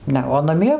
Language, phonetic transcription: Lithuanian, ˈne o naˈmie

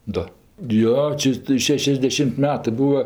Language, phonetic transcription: Lithuanian, ˈdo ˈjo ˈčia tɜ ˈšešiasdešim't' ˈmetɜ ˈbūa

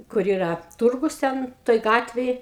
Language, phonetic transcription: Lithuanian, kur ˈyra ˈturgus ˈten ˈtoj ˈgatvėj

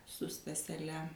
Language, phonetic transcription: Lithuanian, su staseˈle

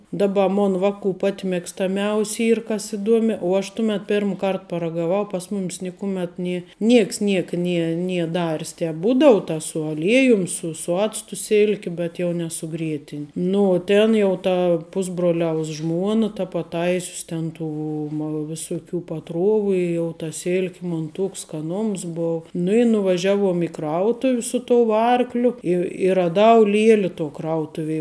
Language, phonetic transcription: Lithuanian, ˈdaˌba ˈmon ˈvaˌku pat mėgstaˈmiaus' ˈyr kas iˈduomi uo ˈaš ˈtumet ˈpirm ˈkart paragaˈvau pas ˈmumis ˈnikuˌmet ˈnie ˈnieks ˈnieka ˈnie ˈnie ˈdaris ˈtēp ˈbūdau ta su aˈliejum su su ˈactu ˈsilki ˈbet jau ne su ˈgrietin' nu uo ˈtėn jau ˈta ˈpusbroliaus ˈžmuona ta paˈtaisius ˈten ˈtų ma ˈvisuˌkių paˈtruovu i jau ta ˈsilki mon ˈtuoks skaˈnoms bou nu i nuvaˈžiaˌvuom i ˈkrautuv' su tou ˈarkliu i i raˈdau ˈlieli to ˈkrautuvie

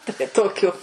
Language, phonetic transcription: Lithuanian, tai ˈtokiu

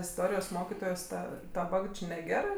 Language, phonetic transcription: Lithuanian, isˈtorijos ˈmokitojos ˈta daˈba jau ˈči neˈgerɜ

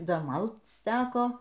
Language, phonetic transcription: Lithuanian, ˈda ˈmalc ˈteko

